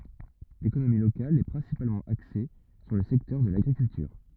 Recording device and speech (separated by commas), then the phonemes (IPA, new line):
rigid in-ear microphone, read sentence
lekonomi lokal ɛ pʁɛ̃sipalmɑ̃ akse syʁ lə sɛktœʁ də laɡʁikyltyʁ